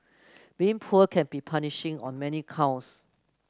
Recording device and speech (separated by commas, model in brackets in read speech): close-talking microphone (WH30), read sentence